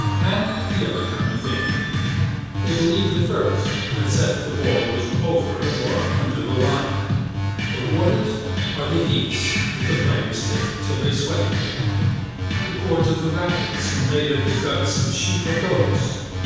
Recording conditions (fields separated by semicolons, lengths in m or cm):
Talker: one person; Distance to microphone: 7.1 m; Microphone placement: far; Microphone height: 1.7 m; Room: very reverberant, large; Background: music